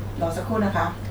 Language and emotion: Thai, neutral